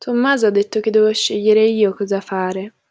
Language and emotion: Italian, sad